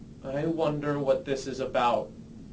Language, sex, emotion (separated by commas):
English, male, neutral